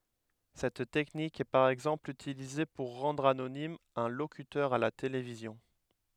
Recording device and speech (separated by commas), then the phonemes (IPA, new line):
headset microphone, read sentence
sɛt tɛknik ɛ paʁ ɛɡzɑ̃pl ytilize puʁ ʁɑ̃dʁ anonim œ̃ lokytœʁ a la televizjɔ̃